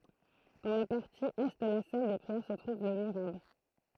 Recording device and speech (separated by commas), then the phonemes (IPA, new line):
throat microphone, read sentence
dɑ̃ la paʁti ɛ də la sal de pʁiɛʁ sə tʁuv lə miʁab